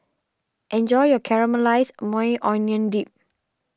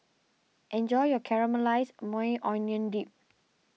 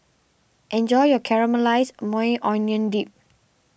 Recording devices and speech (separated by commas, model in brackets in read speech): standing microphone (AKG C214), mobile phone (iPhone 6), boundary microphone (BM630), read sentence